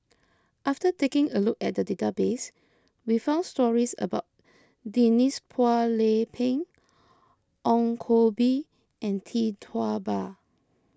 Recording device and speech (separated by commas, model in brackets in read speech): close-talking microphone (WH20), read sentence